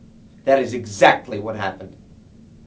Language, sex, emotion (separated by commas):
English, male, angry